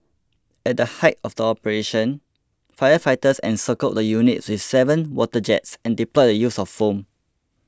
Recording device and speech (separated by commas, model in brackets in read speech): close-talking microphone (WH20), read sentence